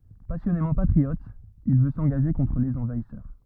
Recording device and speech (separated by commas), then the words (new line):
rigid in-ear microphone, read sentence
Passionnément patriote, il veut s'engager contre les envahisseurs.